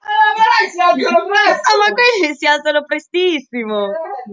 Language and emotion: Italian, happy